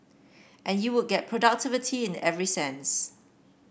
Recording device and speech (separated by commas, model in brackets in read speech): boundary microphone (BM630), read sentence